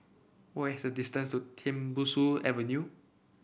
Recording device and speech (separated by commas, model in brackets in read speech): boundary microphone (BM630), read sentence